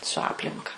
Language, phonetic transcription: Lithuanian, su ˈaplinka

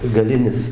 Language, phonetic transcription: Lithuanian, gaˈlinis

